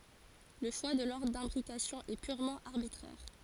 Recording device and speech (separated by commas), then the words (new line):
forehead accelerometer, read sentence
Le choix de l'ordre d'imbrication est purement arbitraire.